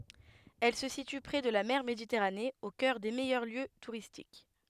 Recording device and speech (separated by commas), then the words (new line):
headset microphone, read sentence
Elle se situe prés de la mer Méditerranée, au cœur des meilleurs lieux touristiques.